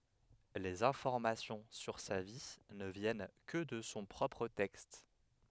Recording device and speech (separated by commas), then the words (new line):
headset microphone, read sentence
Les informations sur sa vie ne viennent que de son propre texte.